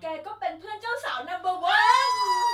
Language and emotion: Thai, happy